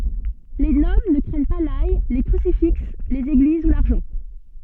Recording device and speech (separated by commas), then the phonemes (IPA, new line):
soft in-ear microphone, read sentence
le nɔbl nə kʁɛɲ pa laj le kʁysifiks lez eɡliz u laʁʒɑ̃